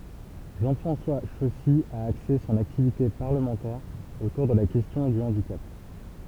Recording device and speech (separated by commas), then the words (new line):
temple vibration pickup, read sentence
Jean-François Chossy a axé son activité parlementaire autour de la question du handicap.